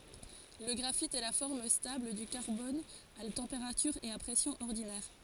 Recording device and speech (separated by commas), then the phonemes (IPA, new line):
forehead accelerometer, read sentence
lə ɡʁafit ɛ la fɔʁm stabl dy kaʁbɔn a tɑ̃peʁatyʁ e a pʁɛsjɔ̃z ɔʁdinɛʁ